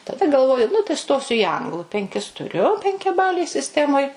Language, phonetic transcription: Lithuanian, taˈda galˈvoju nu tai ˈstosiu į ˈanglu penˈkis tuˈriu penkiaˈbalėj sisˈtemoj

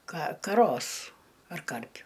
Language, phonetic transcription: Lithuanian, ka kaˈros ar ˈkarpiu

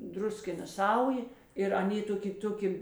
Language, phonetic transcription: Lithuanian, ˈdruskina ˈsaujė ir aˈnė ˈtoˌki ˈtoˌki

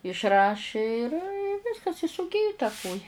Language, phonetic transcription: Lithuanian, išˈraši ir i ˈviskas i suˈgiju ta ˈkoja

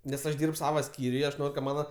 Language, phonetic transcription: Lithuanian, nes ˈaš ˈdyrb ˈsava ˈskyriuj i aš ˈnor' ka ˈmana

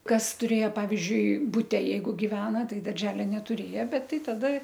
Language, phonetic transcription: Lithuanian, ˈkas tuˈrėjo ˈpavizdžiui buˈte ˈjeigu giˈvena ˈtai darˈželia netuˈrėja ˈbet ˈtai taˈda

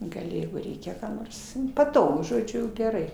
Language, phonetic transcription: Lithuanian, gaˈli ˈjeigu ˈreikia ˈką nors nu paˈtogu žoˈdžiu geˈrai

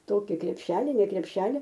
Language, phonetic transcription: Lithuanian, ˈtoki krepˈšeli ne krepˈšeli

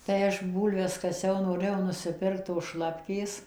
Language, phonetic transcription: Lithuanian, tai ˈaš ˈbūlves kaˈsiau noˈrɘjau nusiˈpirkt tos ˈšlapkės

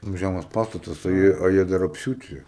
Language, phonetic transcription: Lithuanian, ˈtoks ˈžæmas ˈpastatas o ˈjie o ˈjie dar apˈsiūti

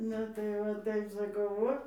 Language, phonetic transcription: Lithuanian, ˈnu tai va ˈtaip saˈkau ˈvo

